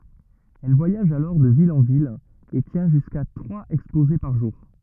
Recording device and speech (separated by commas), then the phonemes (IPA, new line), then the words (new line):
rigid in-ear microphone, read sentence
ɛl vwajaʒ alɔʁ də vil ɑ̃ vil e tjɛ̃ ʒyska tʁwaz ɛkspoze paʁ ʒuʁ
Elle voyage alors de ville en ville et tient jusqu'à trois exposés par jour.